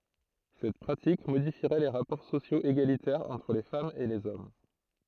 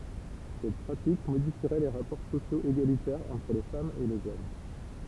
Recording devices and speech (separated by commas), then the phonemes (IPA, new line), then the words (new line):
throat microphone, temple vibration pickup, read sentence
sɛt pʁatik modifiʁɛ le ʁapɔʁ sosjoz eɡalitɛʁz ɑ̃tʁ le famz e lez ɔm
Cette pratique modifierait les rapports sociaux égalitaires entre les femmes et les hommes.